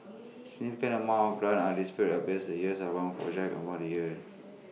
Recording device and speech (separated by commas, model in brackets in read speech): mobile phone (iPhone 6), read sentence